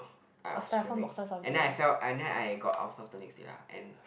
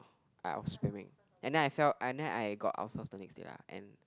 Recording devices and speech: boundary microphone, close-talking microphone, conversation in the same room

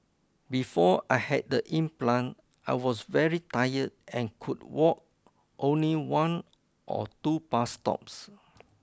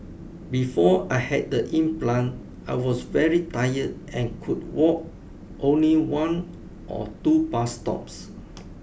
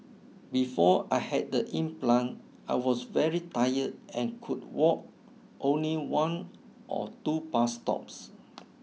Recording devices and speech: close-talking microphone (WH20), boundary microphone (BM630), mobile phone (iPhone 6), read sentence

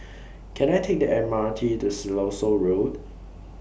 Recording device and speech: boundary microphone (BM630), read sentence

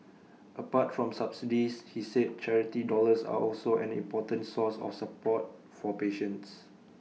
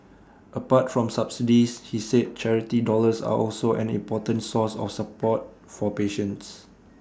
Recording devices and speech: mobile phone (iPhone 6), standing microphone (AKG C214), read sentence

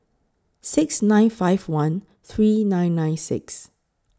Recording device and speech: close-talking microphone (WH20), read sentence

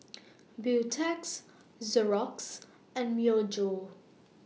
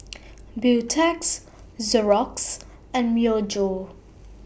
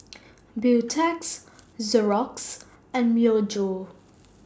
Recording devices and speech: mobile phone (iPhone 6), boundary microphone (BM630), standing microphone (AKG C214), read sentence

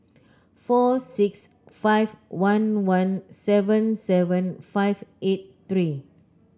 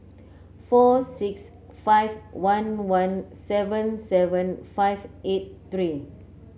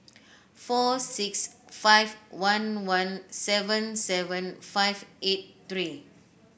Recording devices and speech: close-talking microphone (WH30), mobile phone (Samsung C9), boundary microphone (BM630), read sentence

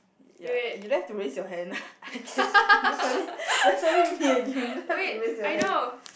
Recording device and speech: boundary microphone, conversation in the same room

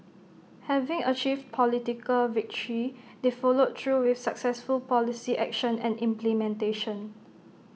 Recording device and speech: mobile phone (iPhone 6), read sentence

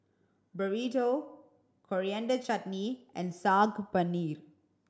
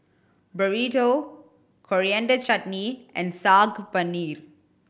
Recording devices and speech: standing microphone (AKG C214), boundary microphone (BM630), read sentence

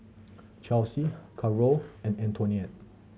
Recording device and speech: mobile phone (Samsung C7100), read sentence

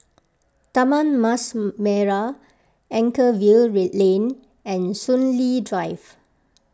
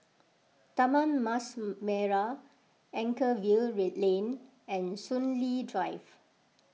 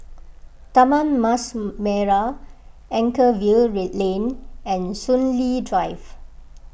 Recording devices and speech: close-talking microphone (WH20), mobile phone (iPhone 6), boundary microphone (BM630), read sentence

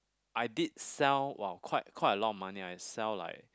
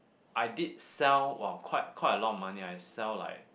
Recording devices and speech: close-talking microphone, boundary microphone, conversation in the same room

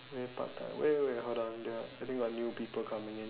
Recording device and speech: telephone, conversation in separate rooms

